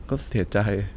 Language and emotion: Thai, sad